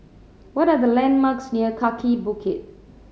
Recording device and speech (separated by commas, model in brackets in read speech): mobile phone (Samsung C7100), read sentence